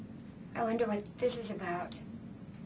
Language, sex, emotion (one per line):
English
female
fearful